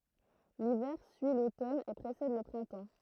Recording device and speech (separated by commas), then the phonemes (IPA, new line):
throat microphone, read sentence
livɛʁ syi lotɔn e pʁesɛd lə pʁɛ̃tɑ̃